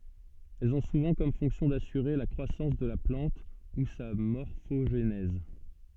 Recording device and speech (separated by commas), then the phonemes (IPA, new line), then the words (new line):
soft in-ear microphone, read sentence
ɛlz ɔ̃ suvɑ̃ kɔm fɔ̃ksjɔ̃ dasyʁe la kʁwasɑ̃s də la plɑ̃t u sa mɔʁfoʒnɛz
Elles ont souvent comme fonction d'assurer la croissance de la plante ou sa morphogenèse.